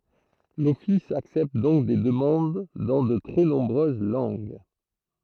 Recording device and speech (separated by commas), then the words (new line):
throat microphone, read sentence
L'office accepte donc des demandes dans de très nombreuses langues.